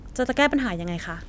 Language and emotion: Thai, neutral